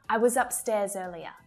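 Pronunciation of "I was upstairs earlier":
In 'I was upstairs earlier', 'was' is reduced and said with a schwa sound.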